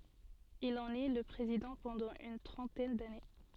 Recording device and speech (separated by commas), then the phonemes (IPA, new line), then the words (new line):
soft in-ear microphone, read sentence
il ɑ̃n ɛ lə pʁezidɑ̃ pɑ̃dɑ̃ yn tʁɑ̃tɛn dane
Il en est le président pendant une trentaine d'années.